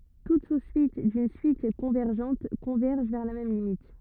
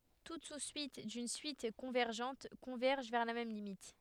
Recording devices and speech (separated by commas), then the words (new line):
rigid in-ear microphone, headset microphone, read sentence
Toute sous-suite d'une suite convergente converge vers la même limite.